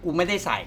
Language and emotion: Thai, frustrated